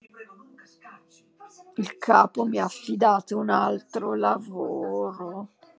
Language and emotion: Italian, disgusted